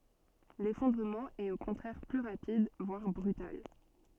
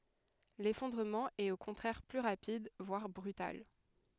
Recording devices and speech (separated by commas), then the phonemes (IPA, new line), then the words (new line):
soft in-ear microphone, headset microphone, read sentence
lefɔ̃dʁəmɑ̃ ɛt o kɔ̃tʁɛʁ ply ʁapid vwaʁ bʁytal
L'effondrement est au contraire plus rapide, voire brutal.